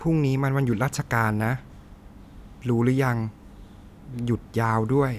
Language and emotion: Thai, neutral